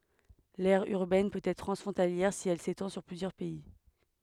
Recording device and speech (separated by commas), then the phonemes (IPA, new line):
headset microphone, read sentence
lɛʁ yʁbɛn pøt ɛtʁ tʁɑ̃sfʁɔ̃taljɛʁ si ɛl setɑ̃ syʁ plyzjœʁ pɛi